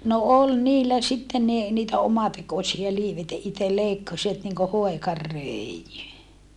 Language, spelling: Finnish, no oli niillä sitten niin niitä omatekoisia - että itse leikkasivat niin kuin hoikan röijyn
- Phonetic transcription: no ol niillä sittem ni , niitä omatekosia liiv - että itel leikkasivat niŋko hoekar rö̀ijy .

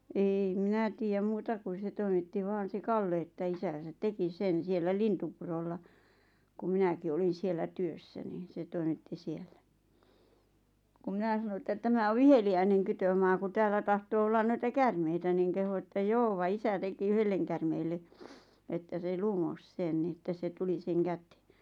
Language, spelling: Finnish, en minä tiedä muuta kuin se toimitti vain se Kalle että isänsä teki sen siellä Lintupurolla kun minäkin olin siellä työssä niin se toimitti siellä kun minä sanoin että tämä on viheliäinen kytömaa kun täällä tahtoo olla noita käärmeitä niin kehui että joo vaan isä teki yhdelle käärmeelle että se lumosi sen niin että se tuli sen käteen
- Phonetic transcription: eei 'minä tiijäm 'muuta kun̬ 'se toimitti 'vaan̬ se "Kalle että 'isän̬sät "teki 'sen 'siellä 'Lintupurolla , kum̆ 'minäki 'olin̬ 'siellä 'työssä niin̬ 'se toimitti "siellä , kum 'mⁱnä sano että 'tämä o 'viheli₍äineŋ 'kytömaa ku 'täällä tahtoo ollan 'noita "kärmeitä niiŋ 'kehu että » "joo va 'isä 'teki "yhelleŋ kärmeelle , että se "lumos 'sen ni että se 'tuli seŋ 'kätᴇᴇ « .

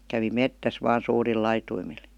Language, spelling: Finnish, kävi metsässä vain suurilla laitumilla
- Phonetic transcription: kävi "mettäs vaan 'suuril 'laituimil .

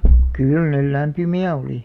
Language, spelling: Finnish, kyllä ne lämpimiä oli
- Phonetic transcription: 'kyl nel "lämpymi₍ä 'olì .

